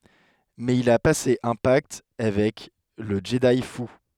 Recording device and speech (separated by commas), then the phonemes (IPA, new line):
headset microphone, read sentence
mɛz il a pase œ̃ pakt avɛk lə ʒədi fu